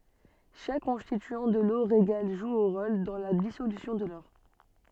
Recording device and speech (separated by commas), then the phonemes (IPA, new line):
soft in-ear microphone, read sentence
ʃak kɔ̃stityɑ̃ də lo ʁeɡal ʒu œ̃ ʁol dɑ̃ la disolysjɔ̃ də lɔʁ